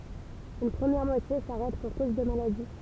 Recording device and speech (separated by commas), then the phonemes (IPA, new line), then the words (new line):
temple vibration pickup, read sentence
yn pʁəmjɛʁ mwatje saʁɛt puʁ koz də maladi
Une première moitié s'arrête pour cause de maladie.